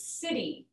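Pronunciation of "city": In 'city', the t is pronounced as a d sound, the American English pronunciation.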